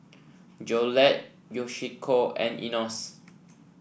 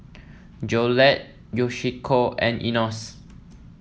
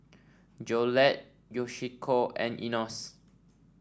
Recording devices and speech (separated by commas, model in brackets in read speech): boundary microphone (BM630), mobile phone (iPhone 7), standing microphone (AKG C214), read sentence